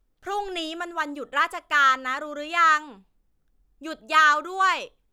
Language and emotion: Thai, frustrated